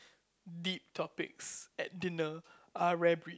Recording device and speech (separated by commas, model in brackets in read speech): close-talking microphone, conversation in the same room